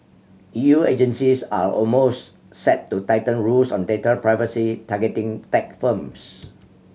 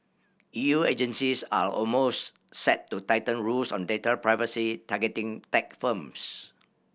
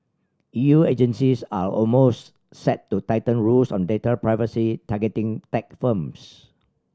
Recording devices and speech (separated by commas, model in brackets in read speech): mobile phone (Samsung C7100), boundary microphone (BM630), standing microphone (AKG C214), read sentence